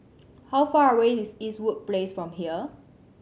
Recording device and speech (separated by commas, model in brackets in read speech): mobile phone (Samsung C7100), read sentence